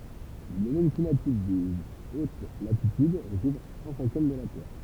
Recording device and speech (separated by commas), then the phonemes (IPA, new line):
temple vibration pickup, read sentence
lə domɛn klimatik de ot latityd ʁəkuvʁ œ̃ sɛ̃kjɛm də la tɛʁ